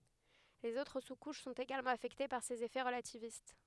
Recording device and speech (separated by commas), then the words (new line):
headset microphone, read sentence
Les autres sous-couches sont également affectées par ces effets relativistes.